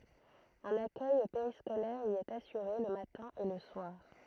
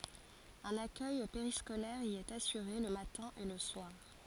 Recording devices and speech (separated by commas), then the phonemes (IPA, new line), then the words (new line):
throat microphone, forehead accelerometer, read sentence
œ̃n akœj peʁiskolɛʁ i ɛt asyʁe lə matɛ̃ e lə swaʁ
Un accueil périscolaire y est assuré le matin et le soir.